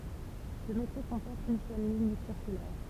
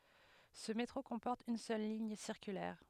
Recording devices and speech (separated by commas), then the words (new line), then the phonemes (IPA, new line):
temple vibration pickup, headset microphone, read sentence
Ce métro comporte une seule ligne circulaire.
sə metʁo kɔ̃pɔʁt yn sœl liɲ siʁkylɛʁ